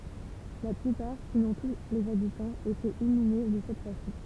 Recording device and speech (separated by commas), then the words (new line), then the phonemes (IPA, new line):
temple vibration pickup, read sentence
La plupart, sinon tous les habitants, étaient inhumés de cette façon.
la plypaʁ sinɔ̃ tu lez abitɑ̃z etɛt inyme də sɛt fasɔ̃